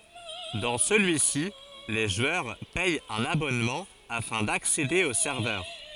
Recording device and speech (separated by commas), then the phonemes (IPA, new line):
forehead accelerometer, read sentence
dɑ̃ səlyi si le ʒwœʁ pɛt œ̃n abɔnmɑ̃ afɛ̃ daksede o sɛʁvœʁ